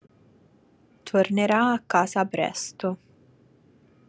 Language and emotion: Italian, neutral